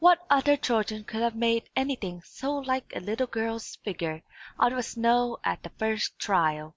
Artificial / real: real